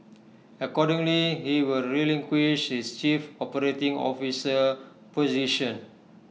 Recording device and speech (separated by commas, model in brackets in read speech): mobile phone (iPhone 6), read sentence